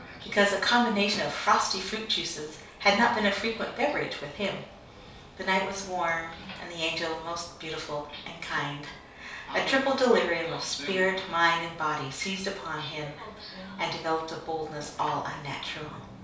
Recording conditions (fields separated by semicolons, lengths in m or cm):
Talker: one person; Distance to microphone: 3.0 m; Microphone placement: far; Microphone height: 1.8 m; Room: small (3.7 m by 2.7 m); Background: television